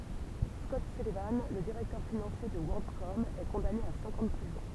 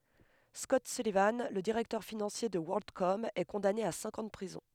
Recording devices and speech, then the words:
temple vibration pickup, headset microphone, read sentence
Scott Sullivan, le directeur financier de WorldCom, est condamné à cinq ans de prison.

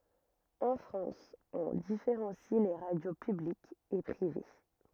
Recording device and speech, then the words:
rigid in-ear microphone, read sentence
En France, on différencie les radios publiques et privées.

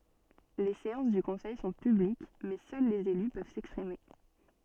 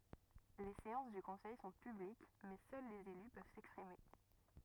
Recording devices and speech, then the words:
soft in-ear microphone, rigid in-ear microphone, read sentence
Les séances du conseil sont publiques mais seuls les élus peuvent s’exprimer.

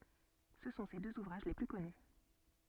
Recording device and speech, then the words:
soft in-ear microphone, read sentence
Ce sont ses deux ouvrages les plus connus.

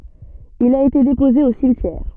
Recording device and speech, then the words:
soft in-ear microphone, read sentence
Il a été déposé au cimetière.

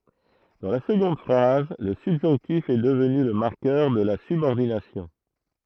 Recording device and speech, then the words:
throat microphone, read sentence
Dans la seconde phrase, le subjonctif est devenu le marqueur de la subordination.

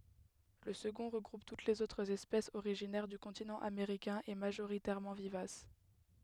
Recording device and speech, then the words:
headset microphone, read sentence
Le second regroupe toutes les autres espèces originaires du continent américain et majoritairement vivaces.

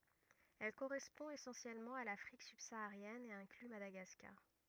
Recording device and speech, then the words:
rigid in-ear microphone, read sentence
Elle correspond essentiellement à l'Afrique subsaharienne et inclut Madagascar.

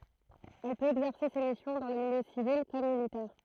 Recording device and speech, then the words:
throat microphone, read sentence
Elle peut exercer ses missions dans le milieu civil comme militaire.

